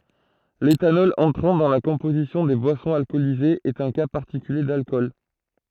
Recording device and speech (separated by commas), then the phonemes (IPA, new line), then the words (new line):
throat microphone, read sentence
letanɔl ɑ̃tʁɑ̃ dɑ̃ la kɔ̃pozisjɔ̃ de bwasɔ̃z alkɔlizez ɛt œ̃ ka paʁtikylje dalkɔl
L'éthanol entrant dans la composition des boissons alcoolisées est un cas particulier d'alcool.